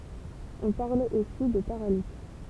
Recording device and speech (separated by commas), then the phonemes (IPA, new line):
temple vibration pickup, read sentence
ɔ̃ paʁl osi də paʁalips